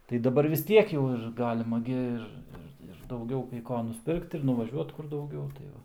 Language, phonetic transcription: Lithuanian, tai daˈbar vis ˈtiek jau ir ˈgalima gi ˈir ˈir ir dauˈgiau kai ˈko nusˈpirkt ir nuvaˈžiuot ˈkur dauˈgiau tai ˈva

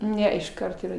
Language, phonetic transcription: Lithuanian, ˈne išˈkart yˈra

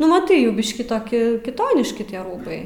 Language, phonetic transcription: Lithuanian, nu maˈtai ˈjau ˈbiškį toˈki kiˈtoniški tie ˈrūbai

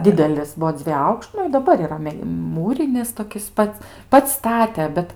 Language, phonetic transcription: Lithuanian, ˈdidelis ˈbuo ˈdzviej ˈaukšt ˈnu i daˈbar yˈra ˈme ˈmūrinis toˈkis ˈpats ˈpats ˈstate ˈbet

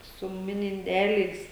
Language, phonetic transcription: Lithuanian, su ˈmini inˈdeliais

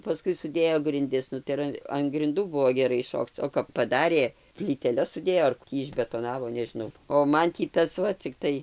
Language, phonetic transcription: Lithuanian, paˈskui suˈdėjo grinˈdis ˈnu tai ir ˈan an grinˈdų ˈbuvo geˈrai ˈšokc o kap paˈdarė plyteˈles suˈdėjo ar ˈtį išbetoˈnavo nežiˈnau o ˈman tį ˈtas ˈva cikˈtai

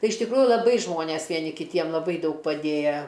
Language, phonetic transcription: Lithuanian, ˈtai iš tikˈrųju laˈbai ˈžmonės vieˈni kiˈtiem laˈbai ˈdaug paˈdėja

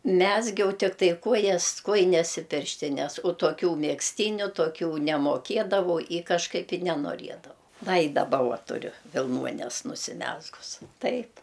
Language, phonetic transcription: Lithuanian, ˈmezgiau ˈtiktai ˈkojas ˈkojines i ˈpirštines o toˈkių megzˈtyniu toˈkių nemoˈkėdavau i kažˈkaip i nenoˈriedavau ˈva i daˈba ˈua tuˈriu vilˈnuones nusiˈmezgus ˈtaip

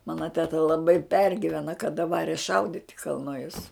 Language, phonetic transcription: Lithuanian, ˈmana teˈta laˈbai ˈpergivena kaˈda ˈvare ˈšaudit' i kalˈnujus

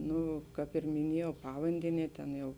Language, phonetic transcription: Lithuanian, ˈnu ˈkāp ir miˈniejau ˈpavandenie ˈtėn jau

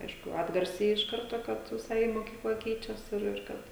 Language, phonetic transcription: Lithuanian, ˈaišku ˈatgarsiai iš ˈkarto ˈkad viˈsai moˈkykla ˈkeičias ˈir ir ˈkad

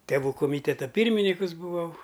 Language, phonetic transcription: Lithuanian, teˈvų koˈmyteta ˈpyrminykus buˈvau

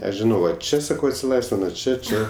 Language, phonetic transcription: Lithuanian, ˈaš žiˈnau ˈva ˈčia saˈkau atsiˈlaisvina ˈčia ˈčia

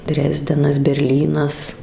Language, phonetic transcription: Lithuanian, ˈdrezdenas berˈlynas

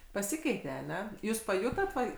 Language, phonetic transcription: Lithuanian, paˈsikeitė aˈne ˈjūs paˈjutot ˈva

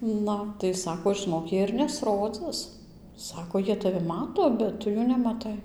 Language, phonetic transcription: Lithuanian, ˈnu tai ˈsako žɨˈnok ˈjie ir nesˈrodzɨs ˈsako ˈjie taˈvi ˈmato bet ˈtu jų nemaˈtai

